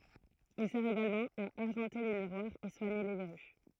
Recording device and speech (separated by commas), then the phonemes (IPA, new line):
throat microphone, read sentence
il sɛʁ eɡalmɑ̃ a aʁʒɑ̃te le miʁwaʁz e swaɲe le vɛʁy